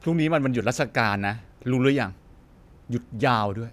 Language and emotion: Thai, angry